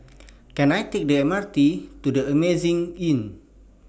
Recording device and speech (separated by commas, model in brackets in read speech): boundary microphone (BM630), read sentence